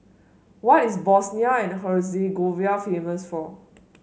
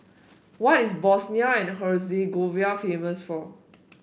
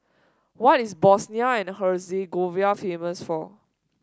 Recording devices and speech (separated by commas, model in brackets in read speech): mobile phone (Samsung S8), boundary microphone (BM630), standing microphone (AKG C214), read sentence